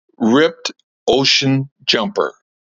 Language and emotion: English, neutral